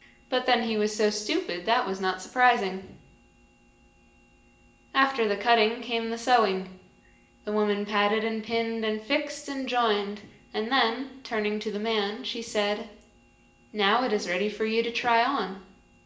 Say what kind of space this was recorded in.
A large room.